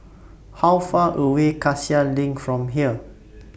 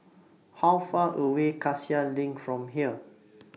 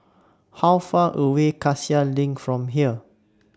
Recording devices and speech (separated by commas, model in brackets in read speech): boundary microphone (BM630), mobile phone (iPhone 6), standing microphone (AKG C214), read sentence